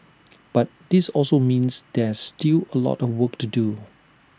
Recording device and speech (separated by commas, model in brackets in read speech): standing microphone (AKG C214), read sentence